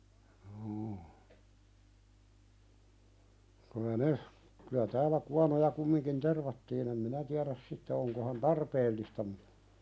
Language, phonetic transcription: Finnish, juu , kəlä "ne , kylä täälä 'kuanoja kummiŋkin "tervattiin ‿em 'minä tiäðäs "sitte oŋko han "tarpeellista mu(ttᴀ) ,.
- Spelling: juu kyllä ne kyllä täällä kuonoja kumminkin tervattiin en minä tiedä sitten onko hän tarpeellista mutta

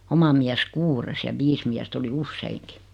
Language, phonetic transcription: Finnish, 'oma miäs "kuures ja 'viis miäst ‿oli "usseiŋki .
- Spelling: oma mies kuudes ja viisi miestä oli useinkin

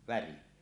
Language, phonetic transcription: Finnish, värin .
- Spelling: värin

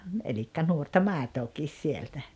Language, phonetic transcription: Finnish, elikkä 'nuorta "màetook̀iis 'sieltä .
- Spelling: eli nuorta maitoakin sieltä

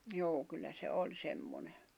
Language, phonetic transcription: Finnish, 'joo̭ kyllä se 'oĺ 'semmone .
- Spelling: joo kyllä se oli semmoinen

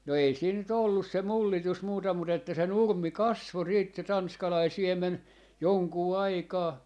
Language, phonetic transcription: Finnish, no 'ei siin ny't ‿ollus se 'mullitus 'muuta mut ‿että se "nurm̆mi "kasvo siit se 'tanskalai "siem̆men , 'joŋkuu 'aikaa , .
- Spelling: no ei siinä nyt ollut se mullitus muuta mutta että se nurmi kasvoi sitten se tanskalainen siemen jonkun aikaa

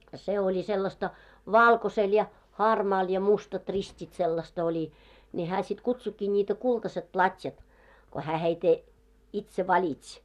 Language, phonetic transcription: Finnish, se oĺi sellasta , "válkosel ja , 'hármaal ja 'mustat 'rist́it sellast ‿oĺi , ńi 'hää sit 'kutsukkii ńiitä 'kultaset 'plat́jat , ko hää heite , 'itse 'vaĺitś .
- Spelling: se oli sellaista valkoisella ja harmaalla ja mustat ristit sellaista oli niin hän sitten kutsuikin niitä kultaiset platjat kun hän heitä itse valitsi

